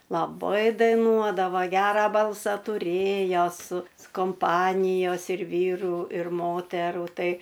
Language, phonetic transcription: Lithuanian, laˈbai daiˈnuodava ˈgera ˈbalsa tuˈrėjo su komˈpanijos ir ˈvyru ir ˈmoteru tai

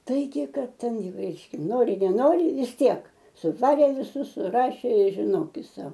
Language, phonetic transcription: Lithuanian, ˈtaigi ˈkad ˈten ˈjau ˈreiškia ˈnori neˈnori vis ˈtiek suˈvarė viˈsus suˈrašė i žiˈnokis ˈsau

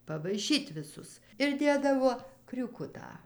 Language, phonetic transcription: Lithuanian, pavaiˈšyt' viˈsus ir ˈdėdavo kriūˈkutą

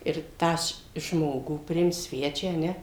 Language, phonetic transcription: Lithuanian, ir ˈtą š ˈžmogų priˈimt ˈsvečią a ˈne

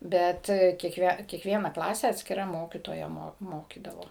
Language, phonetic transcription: Lithuanian, ˈbet kiekˈvie kiekˈviena ˈklase atskiˈra ˈmokytoja ˈmo ˈmokydavo

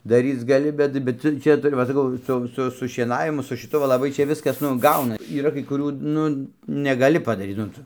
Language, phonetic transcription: Lithuanian, daˈryc gaˈli ˈbet ˈbet ˈtu ˈčia tuˈri va saˈkau ˈsu ˈsu su šieˈnavimu su šiˈtu va laˈbai ˈčia ˈviskas ˈnu ˈgauna yˈra kai kuˈrių ˈnu negaˈli padaˈryt nu ˈtu

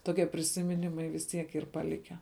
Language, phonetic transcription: Lithuanian, toˈkie prisimiˈnimai vis ˈtiek ˈyr paˈlikę

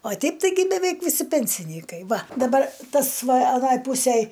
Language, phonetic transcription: Lithuanian, o ˈteip taiˈgi beˈveik viˈsi pensiˈnykai ˈva daˈbar ˈtas ˈva aˈnoj ˈpūsėj

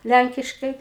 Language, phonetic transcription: Lithuanian, ˈlænkiškai

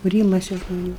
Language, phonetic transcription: Lithuanian, kuˈrymaisi žmoˈnių

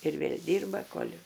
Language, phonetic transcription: Lithuanian, ir ˈvėl' ˈdyrba kol'

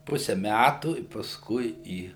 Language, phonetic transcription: Lithuanian, ˈpuse ˈmætų i paˈskui ˈį

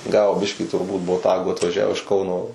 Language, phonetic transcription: Lithuanian, ˈgavo ˈbiškį turˈbūt boˈtagų atvaˈžiavo iš ˈkauno

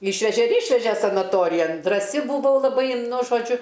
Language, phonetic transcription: Lithuanian, ˈyšveže ir ˈyšveže sanaˈtorijan draˈsi buˈvau laˈbai nu žoˈdžiu

